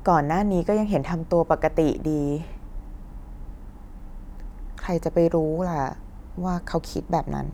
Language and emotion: Thai, sad